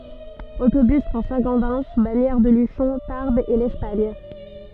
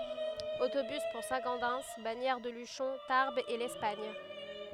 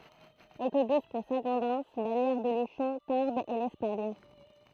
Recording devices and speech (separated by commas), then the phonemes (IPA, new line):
soft in-ear microphone, headset microphone, throat microphone, read sentence
otobys puʁ sɛ̃ ɡodɛn baɲɛʁ də lyʃɔ̃ taʁbz e lɛspaɲ